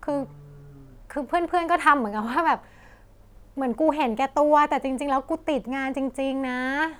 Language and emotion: Thai, frustrated